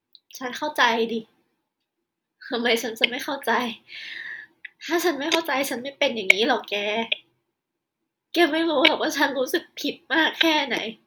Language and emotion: Thai, sad